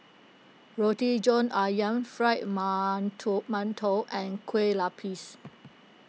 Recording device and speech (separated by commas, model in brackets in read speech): mobile phone (iPhone 6), read sentence